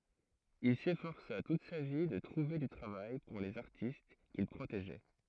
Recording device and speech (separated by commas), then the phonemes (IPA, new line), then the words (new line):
throat microphone, read sentence
il sefɔʁsa tut sa vi də tʁuve dy tʁavaj puʁ lez aʁtist kil pʁoteʒɛ
Il s’efforça toute sa vie de trouver du travail pour les artistes qu’il protégeait.